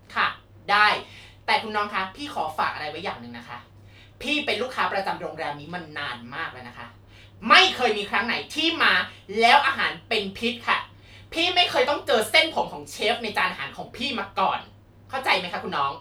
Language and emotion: Thai, angry